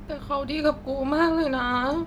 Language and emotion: Thai, sad